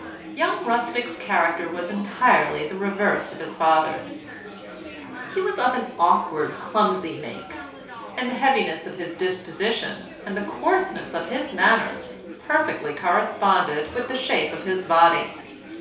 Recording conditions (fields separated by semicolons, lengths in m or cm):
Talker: one person; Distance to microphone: 3.0 m; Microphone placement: far; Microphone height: 1.8 m; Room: small (3.7 m by 2.7 m); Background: babble